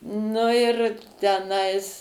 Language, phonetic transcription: Lithuanian, ˈnu ir teˈnais

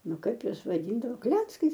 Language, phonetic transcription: Lithuanian, ˈnu ˈkaip ˈjuos vaˈdyndavo ˈkleckais

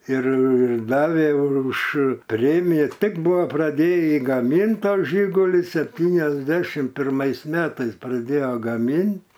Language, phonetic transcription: Lithuanian, ir ˈdavė ˈuž ˈpremija ˈtik ˈbuvo praˈdėjį gaˈmynt ˈto ˈžyguli septyniasˈdešim pirˈmais ˈmetais praˈdėjo gaˈmint

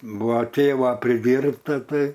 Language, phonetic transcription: Lithuanian, ˈbua ˈtėva priˈdyrbta ˈtai

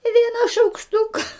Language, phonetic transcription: Lithuanian, i ˈviena šaukšˈtuka

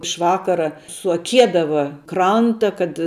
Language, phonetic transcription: Lithuanian, iš ˈvakara suaˈkiedava ˈkranta kad

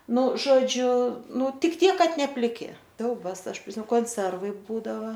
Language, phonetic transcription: Lithuanian, ˈnu žoˈdžiu ˈnu ˈtik ˈtiek ˈkad ne pliˈki ˈsiaubas ˈaš priˈsi konˈservai ˈbūdava

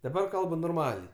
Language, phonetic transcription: Lithuanian, daˈbar ˈkalbu norˈmaliai

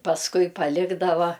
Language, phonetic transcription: Lithuanian, pasˈkui paˈlikdava

